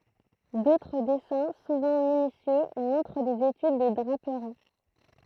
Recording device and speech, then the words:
throat microphone, read sentence
D'autres dessins, souvent minutieux, montrent des études de draperies.

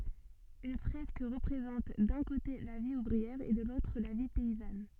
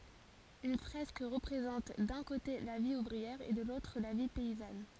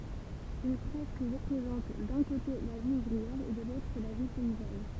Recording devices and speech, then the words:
soft in-ear microphone, forehead accelerometer, temple vibration pickup, read sentence
Une fresque représente d'un côté la vie ouvrière et de l'autre la vie paysanne.

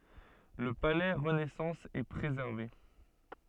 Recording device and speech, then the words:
soft in-ear microphone, read sentence
Le palais renaissance est préservé.

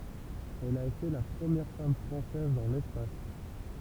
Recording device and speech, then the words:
temple vibration pickup, read sentence
Elle a été la première femme française dans l'espace.

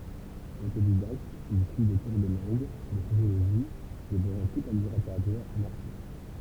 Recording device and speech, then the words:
temple vibration pickup, read sentence
Autodidacte, il suit des cours de langue, de sociologie, dévorant toute la littérature anarchiste.

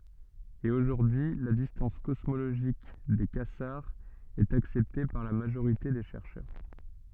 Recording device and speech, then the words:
soft in-ear microphone, read sentence
Et aujourd’hui, la distance cosmologique des quasars est acceptée par la majorité des chercheurs.

